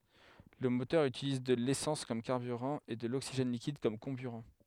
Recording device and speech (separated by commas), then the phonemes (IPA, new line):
headset microphone, read sentence
lə motœʁ ytiliz də lesɑ̃s kɔm kaʁbyʁɑ̃ e də loksiʒɛn likid kɔm kɔ̃byʁɑ̃